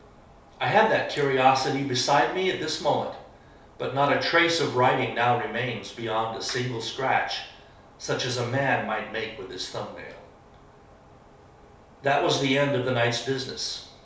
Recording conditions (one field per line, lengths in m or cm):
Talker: one person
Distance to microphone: 3.0 m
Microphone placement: far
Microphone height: 1.8 m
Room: small (3.7 m by 2.7 m)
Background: none